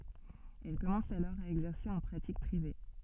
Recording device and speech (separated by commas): soft in-ear microphone, read sentence